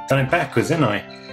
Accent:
Cockney accent